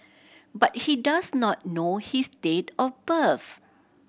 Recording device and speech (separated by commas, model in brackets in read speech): boundary microphone (BM630), read sentence